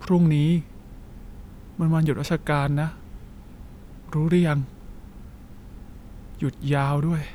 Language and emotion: Thai, frustrated